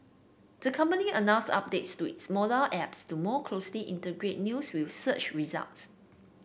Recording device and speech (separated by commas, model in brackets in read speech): boundary microphone (BM630), read sentence